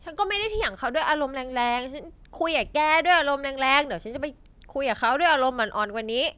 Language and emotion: Thai, sad